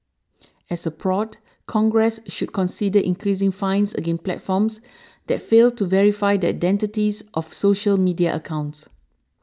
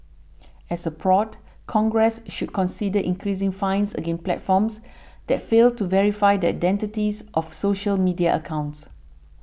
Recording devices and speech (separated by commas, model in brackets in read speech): standing microphone (AKG C214), boundary microphone (BM630), read sentence